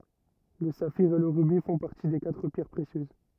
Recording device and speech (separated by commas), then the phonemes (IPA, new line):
rigid in-ear microphone, read sentence
lə safiʁ e lə ʁybi fɔ̃ paʁti de katʁ pjɛʁ pʁesjøz